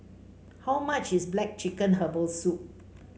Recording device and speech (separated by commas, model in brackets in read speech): mobile phone (Samsung C5), read sentence